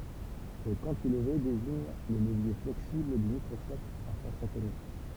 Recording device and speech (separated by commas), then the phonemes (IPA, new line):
temple vibration pickup, read sentence
lə kɑ̃tilve deziɲ lə ləvje flɛksibl dy mikʁɔskɔp a fɔʁs atomik